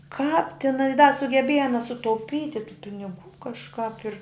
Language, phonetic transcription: Lithuanian, kāp tiˈna i da sugeˈbieja aˈna sutauˈpyti tų piniˈgų kažˈkap ir

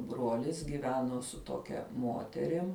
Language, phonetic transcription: Lithuanian, ˈbruolis giˈveno su ˈtokia ˈmoterim

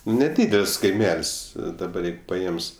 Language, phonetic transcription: Lithuanian, neˈdydel's' kaiˈmel's' daˈbar ˈjeigu paˈėms

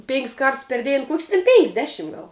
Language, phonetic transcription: Lithuanian, pėn'k's' ˈkarts per ˈdėn ˈkuok's' ten ˈpen'k's' ˈdeˌšim ˈgal

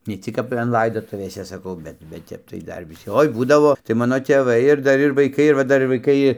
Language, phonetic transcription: Lithuanian, ne ˈcik kap an ˈlaidotuvėse saˈkau ˈbet bet ˈtep tai ˈdar viˈsi ˈoi ˈbūdavo tai ˈmano tėˈvai ir ˈdar ir vaiˈkai ir va ˈdar ir vaiˈkai

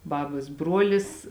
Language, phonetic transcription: Lithuanian, ˈbabas ˈbruolis

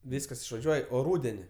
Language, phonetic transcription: Lithuanian, ˈvyskas išvaˈžiuoj o ˈrūdeni

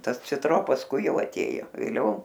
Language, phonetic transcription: Lithuanian, ˈtas citˈro pasˈkui ˈjau aˈtėjo vėˈliau

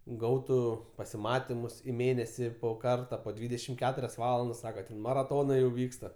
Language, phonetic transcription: Lithuanian, ˈgautu pasiˈmatimus i ˈmėnesi po ˈkarta po ˈdvydešim ˈketurias ˈvalandas ˈsaka maraˈtonai jau ˈvyksta

